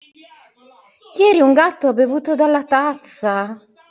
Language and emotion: Italian, surprised